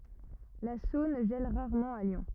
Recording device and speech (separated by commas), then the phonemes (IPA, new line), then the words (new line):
rigid in-ear microphone, read sentence
la sɔ̃n ʒɛl ʁaʁmɑ̃ a ljɔ̃
La Saône gèle rarement à Lyon.